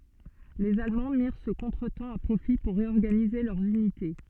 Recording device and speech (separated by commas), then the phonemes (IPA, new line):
soft in-ear microphone, read sentence
lez almɑ̃ miʁ sə kɔ̃tʁətɑ̃ a pʁofi puʁ ʁeɔʁɡanize lœʁz ynite